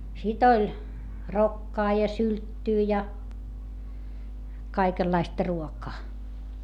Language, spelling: Finnish, sitten oli rokkaa ja sylttyä ja kaikenlaista ruokaa
- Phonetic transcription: sit ‿oĺ , rokkaa ja sylttyy ja , kaikellaistᵃ ruokaa .

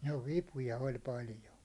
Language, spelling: Finnish, no vipuja oli paljon
- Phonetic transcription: no "vipuja oĺ 'paljo .

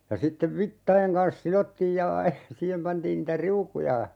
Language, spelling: Finnish, ja sitten vitsojen kanssa sidottiin ja siihen pantiin niitä riukuja
- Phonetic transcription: ja 'sittev "vittaʲeŋ kans 'silottiij ja , 'siihem pantiin niitä "riukuja , .

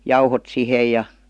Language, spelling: Finnish, jauhot siihen ja
- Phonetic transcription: 'jauhot "sihe ja .

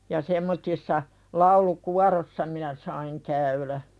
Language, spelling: Finnish, ja semmoisissa laulukuoroissa minä sain käydä
- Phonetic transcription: ja semmottissa , 'laulu"kuarossa minä saiŋ 'käylä .

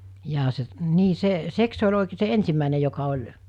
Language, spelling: Finnish, jaa se niin se se se oli oikein se ensimmäinen joka oli
- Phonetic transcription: jaa se , 'nii se , 'seks se ol̜ òikee se 'ensimmä̀ine joka oĺ ,.

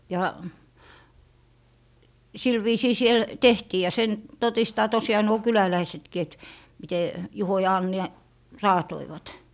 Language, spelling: Finnish, ja sillä viisiin siellä tehtiin ja sen todistaa tosiaan nuo kyläläisetkin että miten Juho ja Anni raatoivat
- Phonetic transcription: ja , 'sil viisii siel , "tehtii ja 'sen , 'totistaa 'tosiaa nuo "kyläläisetki et , mite , 'Juho ja 'Anni , "raatoivat .

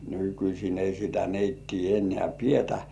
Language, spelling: Finnish, nykyisin ei sitä neittiä enää pidetä
- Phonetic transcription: 'nykyśin ‿ei sitä 'neittii ennĕä̀ "pietä .

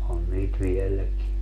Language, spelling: Finnish, on niitä vieläkin
- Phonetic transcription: 'on niit "viel̆läki .

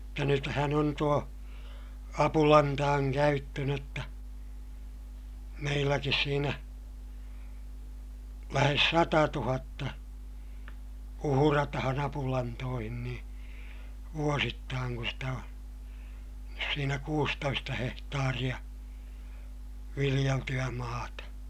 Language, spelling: Finnish, mutta nythän on tuo apulantojen käyttö - jotta meilläkin siinä lähes satatuhatta uhrataan apulantoihin niin vuosittain kun sitä on siinä kuusitoista hehtaaria viljeltyä maata
- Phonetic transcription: mutta nythän ‿on tuo , apulantaaŋ käyttö n ‿otta , meilläkis siinä , lähes satatuhatta , uhuratahan ‿apulantoohin nii , vuosittaaŋ kun̬ stä o , siinä kuustoista hehtaariʲa , viliʲelty₍ä maata .

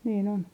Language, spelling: Finnish, niin on
- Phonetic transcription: niin ‿on .

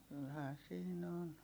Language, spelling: Finnish, kyllähän siinä on
- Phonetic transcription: kylhään siin ‿on .

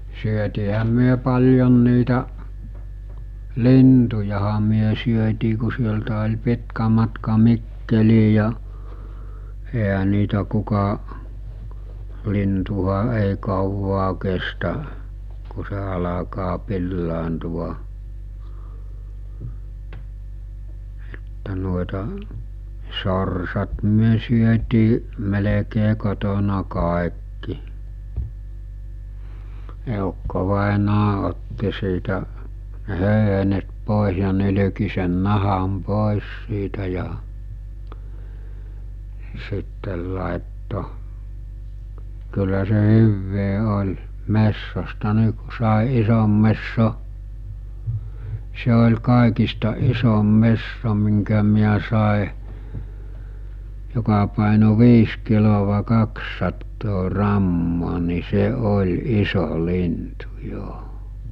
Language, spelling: Finnish, syötiinhän me paljon niitä lintujahan me syötiin kun sieltä oli pitkä matka Mikkeliin ja eihän niitä kuka lintuhan ei kauaa kestä kun se alkaa pilaantua että noita sorsat me syötiin melkein kotona kaikki eukkovainaa otti siitä ne höyhenet pois ja nylki sen nahan pois siitä ja sitten laittoi kyllä se hyvää oli metsosta niin kun sai ison metson se oli kaikista isoin metso minkä minä sain joka painoi viisi kiloa kaksisataa grammaa niin se oli iso lintu jo
- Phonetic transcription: 'syötiihäm̆ myö 'paljon niitä , 'lintujaha myö syötii ku sieltä oĺ 'pitkä matka 'Mikkelii ja , eɦä 'niitä kuka , 'lintuha ei kauwaa kestä , ku se alakaa 'pillaantuva , Että no̭eta , 'sorsat myö syötii , me-lekee kotona kàekki , 'èukkovàenaa otti siitä , ne 'hö̀yhenet 'pòes̬ ja 'nyly̭ki sen 'naham 'pòes siitä ja , sittel làetto , kyllä se 'hyvvee 'oĺ , 'messosta ni ku sàe 'isom messo , se ol̜ 'kàekista 'isom 'messo miŋkä miä sàe , joka pàeno 'viis kilova 'kakssattoo 'rammoo ni 'se 'oĺ 'iso 'lintu 'jo .

